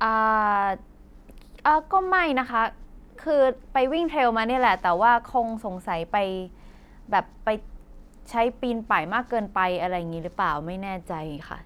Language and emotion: Thai, neutral